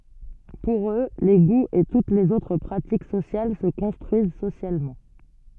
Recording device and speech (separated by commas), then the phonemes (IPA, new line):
soft in-ear microphone, read sentence
puʁ ø le ɡuz e tut lez otʁ pʁatik sosjal sə kɔ̃stʁyiz sosjalmɑ̃